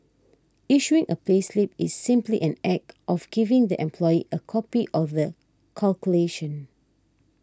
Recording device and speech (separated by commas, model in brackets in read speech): standing microphone (AKG C214), read sentence